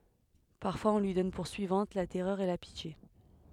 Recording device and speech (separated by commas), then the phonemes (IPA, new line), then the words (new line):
headset microphone, read sentence
paʁfwaz ɔ̃ lyi dɔn puʁ syivɑ̃t la tɛʁœʁ e la pitje
Parfois on lui donne pour suivantes la Terreur et la Pitié.